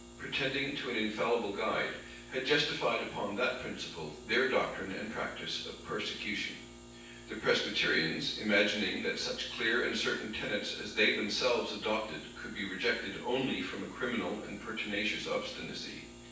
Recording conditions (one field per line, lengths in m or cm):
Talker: one person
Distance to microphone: 9.8 m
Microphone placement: far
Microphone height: 1.8 m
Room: large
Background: none